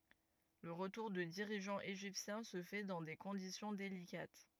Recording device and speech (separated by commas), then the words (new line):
rigid in-ear microphone, read sentence
Le retour de dirigeants égyptien se fait dans des conditions délicates.